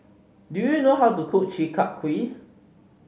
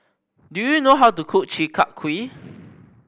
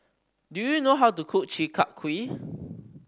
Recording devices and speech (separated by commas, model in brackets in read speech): mobile phone (Samsung C5010), boundary microphone (BM630), standing microphone (AKG C214), read sentence